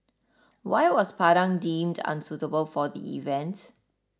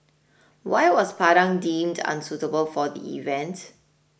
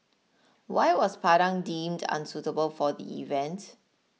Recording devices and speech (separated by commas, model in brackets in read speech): standing microphone (AKG C214), boundary microphone (BM630), mobile phone (iPhone 6), read sentence